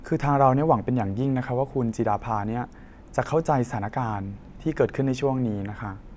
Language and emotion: Thai, neutral